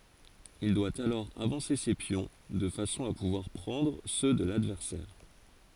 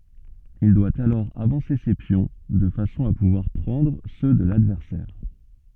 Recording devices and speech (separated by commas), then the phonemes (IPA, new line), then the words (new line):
forehead accelerometer, soft in-ear microphone, read sentence
il dwa alɔʁ avɑ̃se se pjɔ̃ də fasɔ̃ a puvwaʁ pʁɑ̃dʁ sø də ladvɛʁsɛʁ
Il doit alors avancer ses pions de façon à pouvoir prendre ceux de l'adversaire.